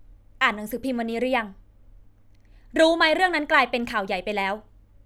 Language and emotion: Thai, frustrated